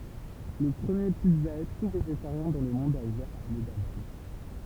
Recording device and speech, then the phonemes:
temple vibration pickup, read sentence
lə pʁəmje pizza y tu veʒetaʁjɛ̃ dɑ̃ lə mɔ̃d a uvɛʁ a amdabad

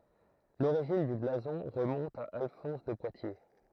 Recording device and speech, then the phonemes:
throat microphone, read sentence
loʁiʒin dy blazɔ̃ ʁəmɔ̃t a alfɔ̃s də pwatje

